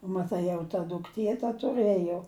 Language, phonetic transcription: Lithuanian, maˈtai jau ta dukˈtie ta tuˈrɘjo

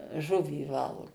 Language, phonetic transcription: Lithuanian, ˈžuvį ˈvalgu

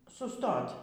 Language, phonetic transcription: Lithuanian, suˈstot'

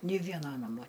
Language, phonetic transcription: Lithuanian, ˈni ˈviena ˈnamo

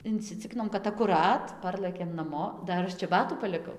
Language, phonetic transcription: Lithuanian, inciˈcikinom kad akuˈrat ˈparlɘkėm naˈmo ˈdar ˈaš čeˈbatų paliˈkau

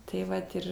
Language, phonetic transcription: Lithuanian, tai ˈvat ir

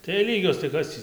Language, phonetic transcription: Lithuanian, tai jei ˈlygios tai ˈkas tį

